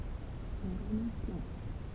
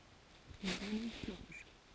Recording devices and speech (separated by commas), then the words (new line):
temple vibration pickup, forehead accelerometer, read sentence
Une grenouille plonge.